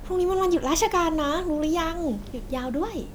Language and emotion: Thai, happy